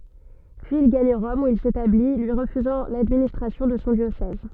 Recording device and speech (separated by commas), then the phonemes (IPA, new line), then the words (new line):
soft in-ear microphone, read sentence
pyiz il ɡaɲ ʁɔm u il setabli lyi ʁəfyzɑ̃ ladministʁasjɔ̃ də sɔ̃ djosɛz
Puis il gagne Rome où il s’établit, lui refusant l'administration de son diocèse.